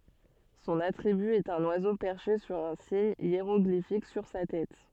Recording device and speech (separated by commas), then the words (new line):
soft in-ear microphone, read sentence
Son attribut est un oiseau perché sur un signe hiéroglyphique sur sa tête.